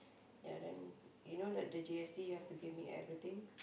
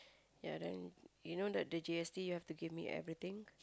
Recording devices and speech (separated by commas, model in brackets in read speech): boundary microphone, close-talking microphone, conversation in the same room